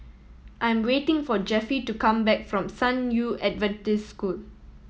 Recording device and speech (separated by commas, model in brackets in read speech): mobile phone (iPhone 7), read sentence